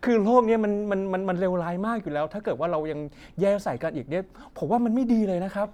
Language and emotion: Thai, frustrated